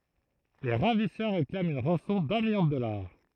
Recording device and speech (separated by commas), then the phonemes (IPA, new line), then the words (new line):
throat microphone, read sentence
le ʁavisœʁ ʁeklamt yn ʁɑ̃sɔ̃ dœ̃ miljɔ̃ də dɔlaʁ
Les ravisseurs réclament une rançon d'un million de dollars.